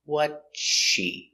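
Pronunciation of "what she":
In 'what's she', the words are linked together and the s of 'what's' is not heard, so it sounds like 'what she'.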